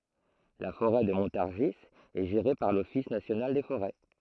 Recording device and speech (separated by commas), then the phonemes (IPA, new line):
throat microphone, read sentence
la foʁɛ də mɔ̃taʁʒi ɛ ʒeʁe paʁ lɔfis nasjonal de foʁɛ